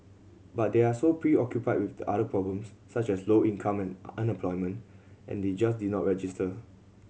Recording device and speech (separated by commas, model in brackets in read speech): mobile phone (Samsung C7100), read sentence